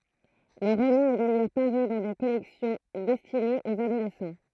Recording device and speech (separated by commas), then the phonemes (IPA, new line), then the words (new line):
throat microphone, read sentence
lə ʁomɑ̃ ɛ dajœʁ paʁy dɑ̃ de kɔlɛksjɔ̃ dɛstinez oz adolɛsɑ̃
Le roman est d'ailleurs paru dans des collections destinées aux adolescents.